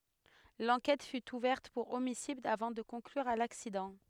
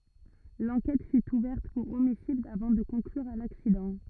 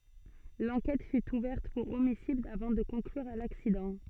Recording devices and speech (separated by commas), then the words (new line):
headset microphone, rigid in-ear microphone, soft in-ear microphone, read sentence
L'enquête fut ouverte pour homicide avant de conclure à l'accident.